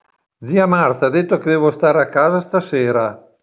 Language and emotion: Italian, neutral